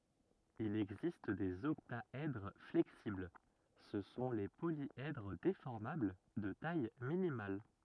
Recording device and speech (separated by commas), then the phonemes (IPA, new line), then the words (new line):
rigid in-ear microphone, read sentence
il ɛɡzist dez ɔktaɛdʁ flɛksibl sə sɔ̃ le poljɛdʁ defɔʁmabl də taj minimal
Il existe des octaèdres flexibles, ce sont les polyèdres déformables de taille minimale.